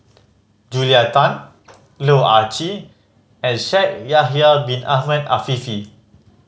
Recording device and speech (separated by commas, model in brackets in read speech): mobile phone (Samsung C5010), read sentence